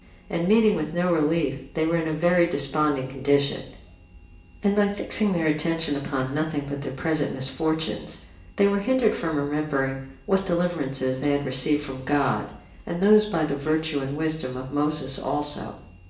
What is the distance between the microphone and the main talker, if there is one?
1.8 m.